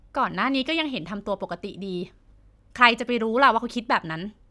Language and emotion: Thai, frustrated